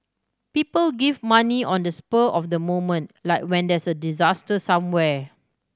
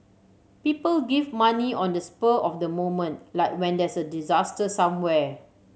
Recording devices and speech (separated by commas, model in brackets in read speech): standing microphone (AKG C214), mobile phone (Samsung C7100), read sentence